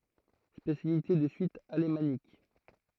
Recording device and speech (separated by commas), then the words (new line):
throat microphone, read sentence
Spécialité de Suisse alémanique.